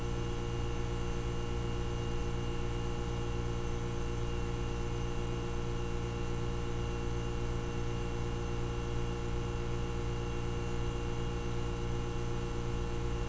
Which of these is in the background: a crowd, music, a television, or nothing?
Nothing.